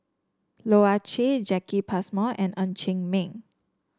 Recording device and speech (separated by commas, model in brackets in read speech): standing microphone (AKG C214), read sentence